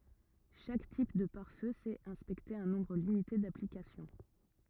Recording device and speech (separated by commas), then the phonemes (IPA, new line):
rigid in-ear microphone, read sentence
ʃak tip də paʁ fø sɛt ɛ̃spɛkte œ̃ nɔ̃bʁ limite daplikasjɔ̃